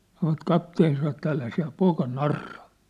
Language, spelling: Finnish, sanoivat kapteeni sanoi että älä sinä poika narraa
- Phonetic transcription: sanovat 'kapteen sano että » 'älä si̳ä̳ 'poika 'narra ! «

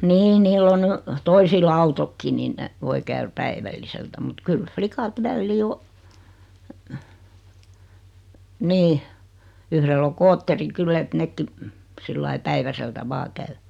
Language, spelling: Finnish, niin niillä on nyt toisilla autotkin niin ne voi käydä päivälliseltä mutta kyllä likat väliin on niin yhdellä on skootteri kyllä että nekin sillä lailla päiväseltä vain käy
- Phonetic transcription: 'nii 'niill ‿o ny , 'toisil "autokki nin ne , 'voi käyr 'päivälliseltä mut 'kyl "flikat 'vällii o, , 'nii , 'yhrell ‿o "kootteri 'kyllä et 'nekki , 'sillai "päiväseltä 'vaa käy .

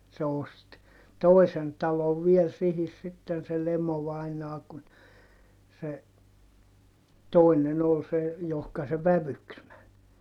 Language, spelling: Finnish, se osti toisen talon vielä siihen sitten se Lemo-vainaa kun se toinen oli se johon se vävyksi meni
- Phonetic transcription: se ost , tòisen talov viel sihis sitten se Lemo-vainaa kun , se , tòinen ‿ol se , johka se vävyks män .

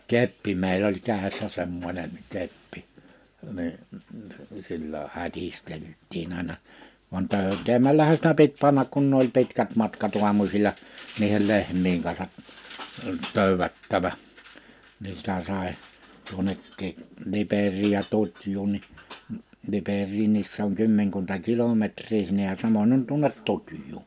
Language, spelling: Finnish, keppi meillä oli kädessä semmoinen keppi niin sillä hätisteltiin aina vaan töytäämällähän sitä piti panna kun ne oli pitkät matkat aamusilla niiden lehmien kanssa töydättävä niin sitä sai tuonnekin Liperiin ja Tutjuun niin Liperiinkin se on kymmenkunta kilometriä sinne ja samoin on tuonne Tutjuun
- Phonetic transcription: 'keppi meil ‿oĺ 'kä̀i̬ssä 'semmońen , 'keppɪ , ni , sillä 'hätistelt̆tiin ‿àina , van 'tö̀yt̆teemällähä sitä 'pit 'pannak kun n ‿oĺ 'pitkät 'matkat 'uamusiĺa , 'niihel 'lehm̀iiŋ ka(n)sa , 'tö̀ywättävä , ni 'sⁱtä 'sài , 'tuonekkii , 'Liper̆riij ja 'tutj̀uun ni , 'Liper̆riinniis se ‿oŋ 'kymmeŋkunta "kilometr̀i sinnej ja 'samoń ‿on tuonet 'Tutjuu .

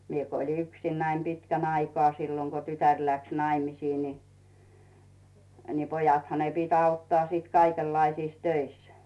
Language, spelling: Finnish, minä kun olin yksinäni pitkän aikaa silloin kun tytär lähti naimisiin niin niin pojathan ne piti auttaa sitten kaikenlaisissa töissä
- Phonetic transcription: 'mie ko ‿oĺi 'yksinnäi 'pitkän aikᵒaa silloŋ ko 'tytär läks 'naimisii ni , ni 'pojatha ne pit ‿'auttaa siit 'kaikellaisiis "töis .

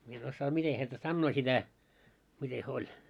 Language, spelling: Finnish, minä en osaa miten häntä sanoo sitä miten he oli
- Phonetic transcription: mie en 'ossaa 'mite häntä "sannoo sitä , 'mite hyö oĺ .

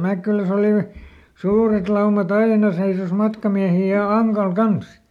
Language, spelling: Finnish, Mäkkylässä oli suuret laumat aina seisoi matkamiehiä ja Ankalla kanssa
- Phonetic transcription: ˈMäkkyläs ‿olì , ˈsuuret ˈlauma"t ‿aina seisos ˈmatkamiähi ja ˈAŋkal "kans .

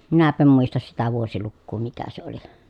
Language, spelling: Finnish, minäpä en muista sitä vuosilukua mikä se oli
- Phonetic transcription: minäp̀ä em muistas sitä vuosilukkuu mikä se oli .

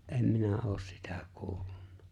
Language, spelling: Finnish, en minä ole sitä kuullut
- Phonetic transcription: '’em "minä '’oos "sitᴀ̈ 'kuullᴜɴɴᴀ .

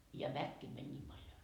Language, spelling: Finnish, ja väkeä meni niin paljon
- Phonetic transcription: ja väkkee mäń 'niim paljo .

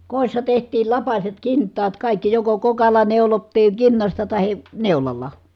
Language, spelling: Finnish, kodissa tehtiin lapaset kintaat kaikki joko kokalla neulottiin kinnasta tai neulalla
- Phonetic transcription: kòi̮ssa teht̀iil lapaset kinttaat kàikki , joko kokalla neulottiiŋ kinnasta tahi , neulalla .

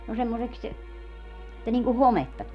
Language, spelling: Finnish, no semmoiseksi että niin kuin hometta tulee
- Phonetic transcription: no 'semmoseks , [et]tä niŋku "hometta tulie .

